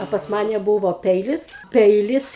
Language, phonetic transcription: Lithuanian, a pas ˈmane ˈbūvo ˈpeilis ˈpeilis

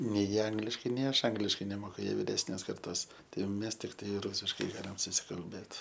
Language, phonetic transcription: Lithuanian, nei ˈangliškai nei ˈaš ˈangliškai neˈmoku ˈjie viˈresnės karˈtos tai jau ˈmes tikˈtai ˈrūsiškai ˈgalim susikalˈbėt

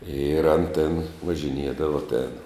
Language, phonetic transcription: Lithuanian, ir an tėn važinˈiedava tėn

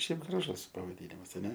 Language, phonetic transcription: Lithuanian, ˈšiaip graˈžus pavaˈdynimas aˈne

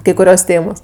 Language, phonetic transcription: Lithuanian, kai kuˈrios ˈtėmos

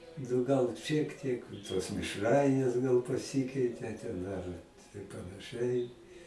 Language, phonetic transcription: Lithuanian, nu ˈgal šiek ˈtiek tos mišˈrainės gal paˈsikeitė ten ar tai panaˈšɨai

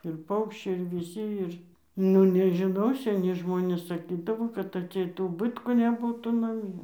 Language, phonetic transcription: Lithuanian, ir ˈpaukščiai ir viˈsi ˈir ˈnu nežiˈnau seˈni ˈžmonės saˈkydavo kad atˈseit uˈbɨtkų neˈbūtų naˈmie

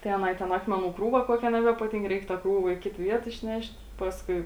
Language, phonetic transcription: Lithuanian, tai aˈnai ten ˈakmeˌnų ˈkrūva ˈkuokia nebepaˈtynk ˈreik ta ˈkrūva į ˈkit ˈviet išˈnešt' ˈpaskui

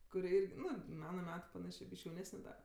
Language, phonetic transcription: Lithuanian, kuˈri ˈirgi ˈnu ˈmana ˈmetu paˈnašė ˈbyš'k' jauˈnesne da

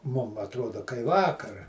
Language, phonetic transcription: Lithuanian, ˈmum atˈrodo kai ˈvakar

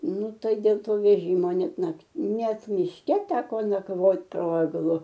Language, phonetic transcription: Lithuanian, ˈnu ˈtai dėl ˈto veˈžymo ˈnet ˈnakt ˈnet mišˈke ˈteko nakˈvot po egˈlu

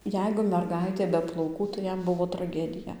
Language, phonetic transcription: Lithuanian, ˈjeigu merˈgaitė be plauˈkų tai ˈjam ˈbuvo traˈgedija

